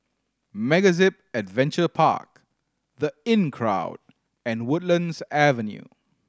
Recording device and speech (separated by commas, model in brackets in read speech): standing microphone (AKG C214), read sentence